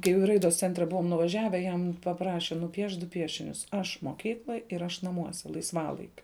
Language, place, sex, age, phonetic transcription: Lithuanian, Žemaitija, female, 18-60, kai jau i ˈraidos ˈcentre ˈbuvom nuvaˈžiave ˈ jam paˈpraše nuˈpiešt du ˈpiešinius ˈaš moˈkykloj ˈir ˈaš naˈmuose laisˈvalaikiu

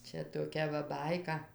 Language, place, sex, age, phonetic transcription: Lithuanian, Dzūkija, female, 60+, ˈčia toˈkia va ˈbaika

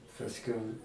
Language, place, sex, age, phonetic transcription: Lithuanian, Aukštaitija, male, 60+, pasˈkiau

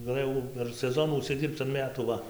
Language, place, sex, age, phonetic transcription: Lithuanian, Dzūkija, male, 18-60, gaˈlɘjau per seˈzonų užsiˈdyrbc an ˈmetų ˈva

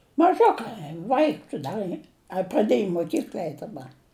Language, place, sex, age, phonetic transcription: Lithuanian, Žemaitija, female, 60+, maˈžukai ˈvaiks ˈda y a praˈdiej i moˈkykl'a ˈeit daˈba

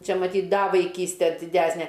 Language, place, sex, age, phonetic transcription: Lithuanian, Aukštaitija, female, 60+, ˈčia maˈtyt' ˈda vaiˈkyste diˈdæsne

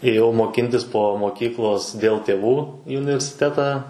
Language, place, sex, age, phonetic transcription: Lithuanian, Suvalkija, male, 18-60, ėˈjau moˈkintis po moˈkyklos dėl ˈtėvų į universiˈtetą

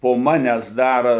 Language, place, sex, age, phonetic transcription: Lithuanian, Suvalkija, male, 60+, po ˈmanęs ˈdar

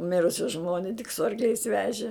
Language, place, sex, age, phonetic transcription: Lithuanian, Žemaitija, female, 60+, ˈmirusi ˈžmoni tik su arkˈliais ˈveži

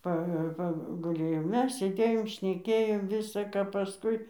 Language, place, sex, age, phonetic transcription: Lithuanian, Dzūkija, female, 60+, ˈpa paguˈlėjo ˈmes sėˈdėjom šneˈkėjom ˈvisa ka paˈskui

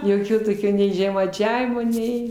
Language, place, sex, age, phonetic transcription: Lithuanian, Aukštaitija, female, 60+, joˈkio toˈkio nei žemaiˈčiavimo ˈnei

